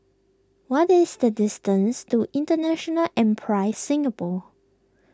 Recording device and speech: close-talking microphone (WH20), read sentence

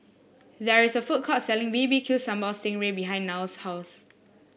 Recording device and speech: boundary microphone (BM630), read sentence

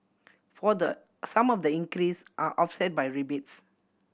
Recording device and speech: boundary microphone (BM630), read sentence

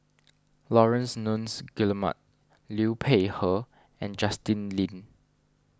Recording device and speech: standing microphone (AKG C214), read sentence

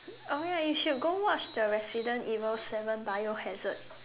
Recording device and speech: telephone, conversation in separate rooms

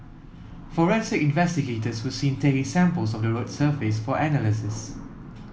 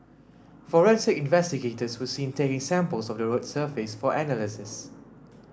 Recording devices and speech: mobile phone (iPhone 7), standing microphone (AKG C214), read sentence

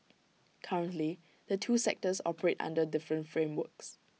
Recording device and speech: mobile phone (iPhone 6), read sentence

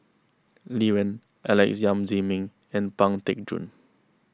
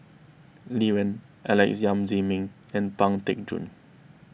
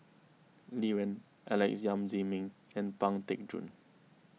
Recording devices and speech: close-talking microphone (WH20), boundary microphone (BM630), mobile phone (iPhone 6), read sentence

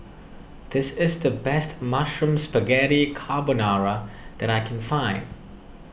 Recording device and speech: boundary microphone (BM630), read sentence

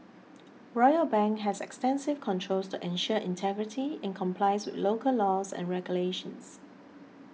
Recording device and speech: mobile phone (iPhone 6), read sentence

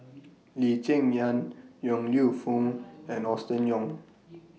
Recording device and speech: mobile phone (iPhone 6), read sentence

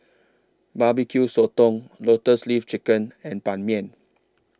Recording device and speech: standing microphone (AKG C214), read sentence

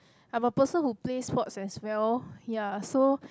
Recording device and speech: close-talking microphone, conversation in the same room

